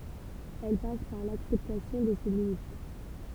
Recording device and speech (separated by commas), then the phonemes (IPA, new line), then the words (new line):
temple vibration pickup, read sentence
ɛl pas paʁ laksɛptasjɔ̃ də se limit
Elle passe par l'acceptation de ses limites.